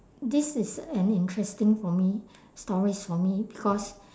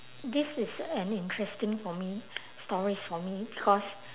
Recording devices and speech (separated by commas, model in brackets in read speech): standing microphone, telephone, conversation in separate rooms